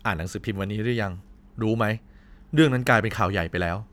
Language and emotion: Thai, frustrated